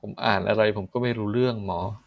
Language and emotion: Thai, frustrated